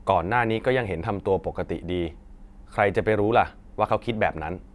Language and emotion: Thai, neutral